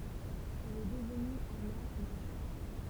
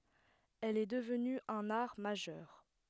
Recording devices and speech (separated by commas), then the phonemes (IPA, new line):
temple vibration pickup, headset microphone, read sentence
ɛl ɛ dəvny œ̃n aʁ maʒœʁ